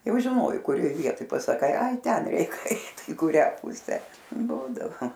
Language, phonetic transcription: Lithuanian, ˈjau žiˈnojai kuˈrioj ˈvietoj pasaˈkai ˈai ˈten ˈeik ˈeit i kuˈrią ˈpusę ˈbūdavo

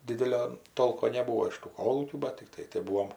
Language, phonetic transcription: Lithuanian, ˈdidelio ˈtolko neˈbūo iš tų ˈkolūkių bat tikˈtai tai ˈbūom

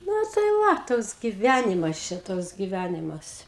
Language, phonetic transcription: Lithuanian, ˈnu tai ˈva ˈtoks giˈvænimas ˈčia ˈtoks giˈvænimas

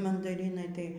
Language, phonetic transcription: Lithuanian, mandaˈrinai tai

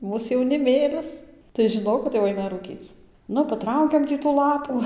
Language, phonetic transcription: Lithuanian, ˈmūs jauniˈmėlis tai žiˈnok kad jau ˈaina rūˈkyc ˈnu paˈtraukiam ˈtį tų ˈlapų

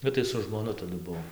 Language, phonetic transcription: Lithuanian, ˈbet tai su žmoˈnu taˈdu ˈbuvom

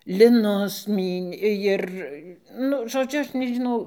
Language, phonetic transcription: Lithuanian, liˈnus ˈmynė ˈjir ˈnu žoˈdžiu ˈaš nežiˈnau

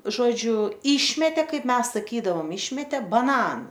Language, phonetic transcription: Lithuanian, žoˈdžiu ˈyšmetė ˈkaip ˈmes saˈkydavom ˈišmetė baˈnanu

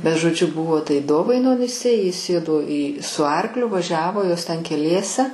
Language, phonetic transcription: Lithuanian, bet žoˈdžiu ˈbuvo tai ˈdovainonise ji ˈsėdo į su ˈarkliu vaˈžiavo ˈjos ˈten keˈliese

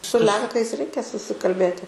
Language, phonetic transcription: Lithuanian, su ˈlenkais ˈreikia susikalˈbėti

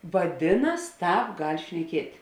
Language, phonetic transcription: Lithuanian, vaˈdinas ˈtāp gal' šneˈkiet'

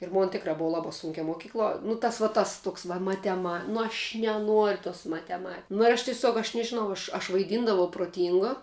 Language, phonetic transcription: Lithuanian, ir ˈmon ˈtikrā ˈbuvo ˈlaba ˈsūnkia moˈkykluo nu ˈtas va ˈtas ˈtuoks va mateˈma nu aš' neˈnuor' tos mateˈma nu ir ˈaš tiˈsiuog aš nežiˈnau ˈaš aš vaiˈdyndavau proˈtyngo

